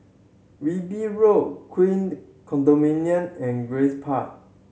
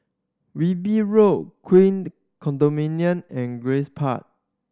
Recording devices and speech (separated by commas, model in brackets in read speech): mobile phone (Samsung C7100), standing microphone (AKG C214), read sentence